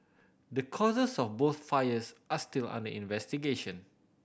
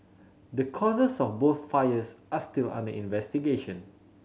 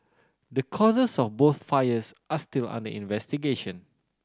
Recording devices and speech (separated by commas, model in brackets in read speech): boundary microphone (BM630), mobile phone (Samsung C7100), standing microphone (AKG C214), read sentence